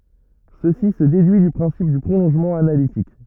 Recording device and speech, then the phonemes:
rigid in-ear microphone, read sentence
səsi sə dedyi dy pʁɛ̃sip dy pʁolɔ̃ʒmɑ̃ analitik

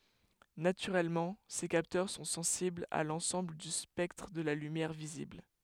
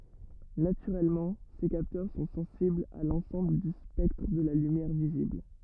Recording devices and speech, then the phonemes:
headset microphone, rigid in-ear microphone, read sentence
natyʁɛlmɑ̃ se kaptœʁ sɔ̃ sɑ̃siblz a lɑ̃sɑ̃bl dy spɛktʁ də la lymjɛʁ vizibl

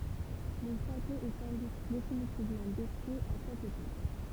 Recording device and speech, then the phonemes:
temple vibration pickup, read sentence
lə ʃato ɛ sɑ̃ dut definitivmɑ̃ detʁyi a sɛt epok

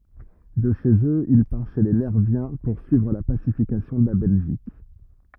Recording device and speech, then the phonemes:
rigid in-ear microphone, read sentence
də ʃez øz il paʁ ʃe le nɛʁvjɛ̃ puʁsyivʁ la pasifikasjɔ̃ də la bɛlʒik

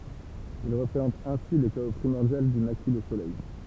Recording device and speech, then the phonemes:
temple vibration pickup, read sentence
il ʁəpʁezɑ̃tt ɛ̃si lə kao pʁimɔʁdjal du naki lə solɛj

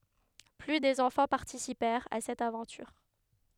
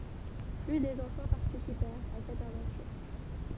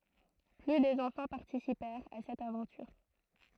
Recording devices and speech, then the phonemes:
headset microphone, temple vibration pickup, throat microphone, read sentence
ply də ɑ̃fɑ̃ paʁtisipɛʁt a sɛt avɑ̃tyʁ

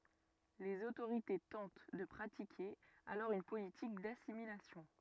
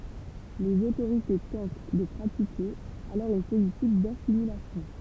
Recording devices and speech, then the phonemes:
rigid in-ear microphone, temple vibration pickup, read sentence
lez otoʁite tɑ̃t də pʁatike alɔʁ yn politik dasimilasjɔ̃

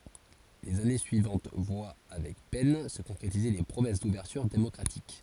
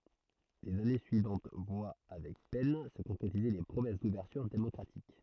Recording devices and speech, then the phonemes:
forehead accelerometer, throat microphone, read sentence
lez ane syivɑ̃t vwa avɛk pɛn sə kɔ̃kʁetize le pʁomɛs duvɛʁtyʁ demɔkʁatik

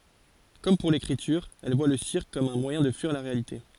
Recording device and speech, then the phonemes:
forehead accelerometer, read sentence
kɔm puʁ lekʁityʁ ɛl vwa lə siʁk kɔm œ̃ mwajɛ̃ də fyiʁ la ʁealite

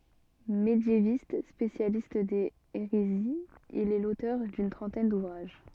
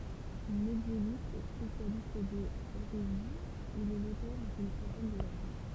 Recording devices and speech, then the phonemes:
soft in-ear microphone, temple vibration pickup, read sentence
medjevist spesjalist dez eʁeziz il ɛ lotœʁ dyn tʁɑ̃tɛn duvʁaʒ

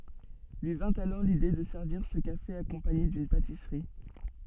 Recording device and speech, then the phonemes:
soft in-ear microphone, read sentence
lyi vɛ̃t alɔʁ lide də sɛʁviʁ sə kafe akɔ̃paɲe dyn patisʁi

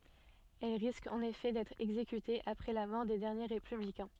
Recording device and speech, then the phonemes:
soft in-ear microphone, read sentence
ɛl ʁiskt ɑ̃n efɛ dɛtʁ ɛɡzekytez apʁɛ la mɔʁ de dɛʁnje ʁepyblikɛ̃

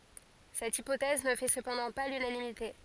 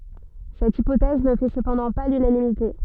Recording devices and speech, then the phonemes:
forehead accelerometer, soft in-ear microphone, read sentence
sɛt ipotɛz nə fɛ səpɑ̃dɑ̃ pa lynanimite

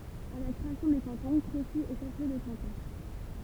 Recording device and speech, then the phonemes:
temple vibration pickup, read sentence
a la kʁeasjɔ̃ de kɑ̃tɔ̃ kʁosi ɛ ʃɛf ljø də kɑ̃tɔ̃

